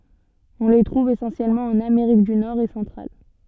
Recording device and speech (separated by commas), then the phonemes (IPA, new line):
soft in-ear microphone, read sentence
ɔ̃ le tʁuv esɑ̃sjɛlmɑ̃ ɑ̃n ameʁik dy nɔʁ e sɑ̃tʁal